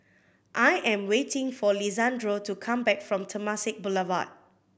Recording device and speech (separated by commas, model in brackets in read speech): boundary microphone (BM630), read sentence